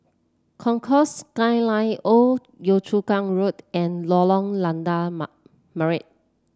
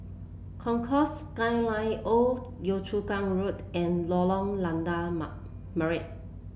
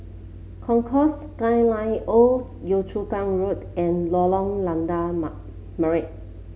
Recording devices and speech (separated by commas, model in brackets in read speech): standing microphone (AKG C214), boundary microphone (BM630), mobile phone (Samsung C7), read sentence